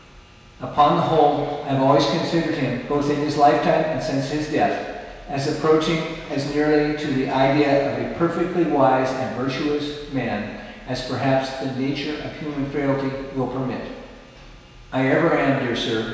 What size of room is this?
A big, echoey room.